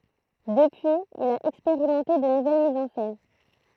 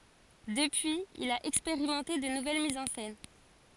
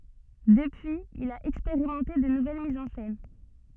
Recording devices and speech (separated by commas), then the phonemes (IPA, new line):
throat microphone, forehead accelerometer, soft in-ear microphone, read sentence
dəpyiz il a ɛkspeʁimɑ̃te də nuvɛl mizz ɑ̃ sɛn